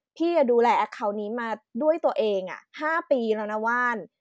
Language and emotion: Thai, frustrated